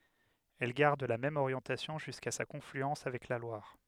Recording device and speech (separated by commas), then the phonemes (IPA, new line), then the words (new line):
headset microphone, read sentence
ɛl ɡaʁd la mɛm oʁjɑ̃tasjɔ̃ ʒyska sa kɔ̃flyɑ̃s avɛk la lwaʁ
Elle garde la même orientation jusqu'à sa confluence avec la Loire.